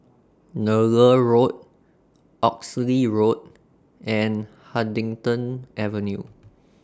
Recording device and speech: standing microphone (AKG C214), read sentence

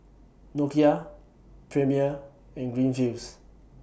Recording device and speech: boundary microphone (BM630), read sentence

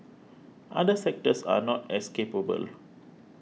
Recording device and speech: mobile phone (iPhone 6), read sentence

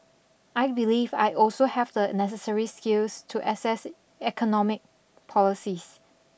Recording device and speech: boundary microphone (BM630), read sentence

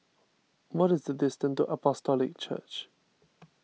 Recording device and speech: mobile phone (iPhone 6), read sentence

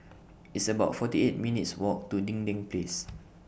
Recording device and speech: boundary microphone (BM630), read sentence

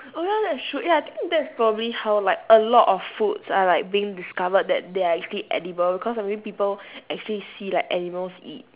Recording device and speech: telephone, conversation in separate rooms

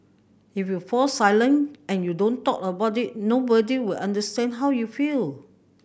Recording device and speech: boundary microphone (BM630), read sentence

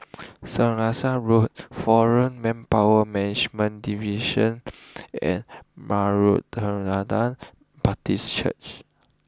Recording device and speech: close-talking microphone (WH20), read sentence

